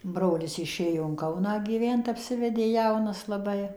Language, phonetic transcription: Lithuanian, ˈbrolis iˈšėjo in ˈkauną gyˈvent apˈsivedė ˈjaunas laˈbai

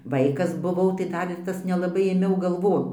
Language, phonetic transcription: Lithuanian, ˈvaikas buˈvau tai ˈdar ir ˈtas nelaˈbai ėˈmiau galˈvon

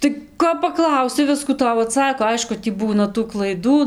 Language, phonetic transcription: Lithuanian, tai ˈko paˈklausi ˈviskų ˈtau aˈtsako ˈaišku tį ˈbūna tų klaiˈdų

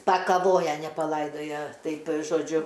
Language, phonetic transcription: Lithuanian, pakaˈvoja ne paˈlaidoja ˈtaip' žoˈdžiu

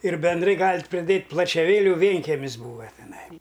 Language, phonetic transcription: Lithuanian, ir benˈdrai ˈgalit' ˈpriˈdėt' plačiaˈvėliu ˈvėnkemis ˈbūva teˈnai

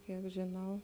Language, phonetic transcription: Lithuanian, ˈkiek žiˈnau

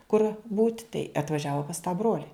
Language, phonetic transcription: Lithuanian, kur būt' tai atvaˈžiavo pas tą ˈbroli

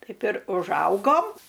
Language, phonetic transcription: Lithuanian, ˈtaip ir užˈaugom

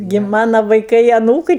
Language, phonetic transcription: Lithuanian, gi ˈmana vaiˈkai aˈnūkɨi

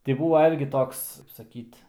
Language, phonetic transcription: Lithuanian, ti ˈbūva ˈirgi ˈtoks kaip saˈkyt

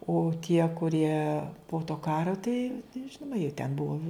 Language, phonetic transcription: Lithuanian, o tie kuˈrie po to ˈkaro tai ˈžinoma jie ten ˈbuvo

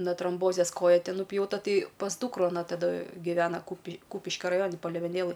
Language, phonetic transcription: Lithuanian, na tromˈbozės ˈkoja ˈti nupjauˈta ˈtai pas ˈdūkru aˈna taˈda giˈvena kūpi ˈkūpiškia raˈjoni palėveˈnėlɘj

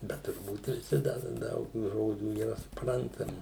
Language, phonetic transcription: Lithuanian, ˈbet turˈbūt viˈsi ˈda ˈdaug tų ˈžodžių yˈra suˈprantami

